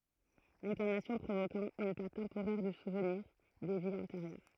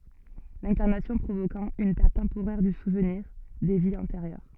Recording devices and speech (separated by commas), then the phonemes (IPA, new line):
throat microphone, soft in-ear microphone, read sentence
lɛ̃kaʁnasjɔ̃ pʁovokɑ̃ yn pɛʁt tɑ̃poʁɛʁ dy suvniʁ de viz ɑ̃teʁjœʁ